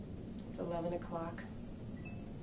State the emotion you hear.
neutral